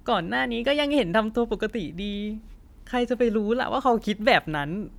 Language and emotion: Thai, sad